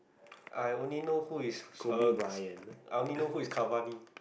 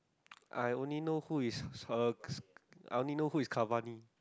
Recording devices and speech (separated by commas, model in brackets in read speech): boundary microphone, close-talking microphone, conversation in the same room